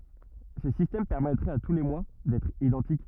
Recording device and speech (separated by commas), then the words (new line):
rigid in-ear microphone, read sentence
Ce système permettrait à tous les mois d'être identiques.